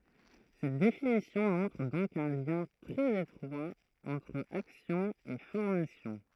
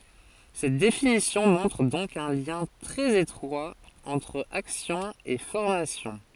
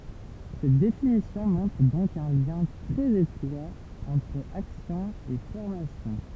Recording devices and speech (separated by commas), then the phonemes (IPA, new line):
throat microphone, forehead accelerometer, temple vibration pickup, read sentence
sɛt definisjɔ̃ mɔ̃tʁ dɔ̃k œ̃ ljɛ̃ tʁɛz etʁwa ɑ̃tʁ aksjɔ̃ e fɔʁmasjɔ̃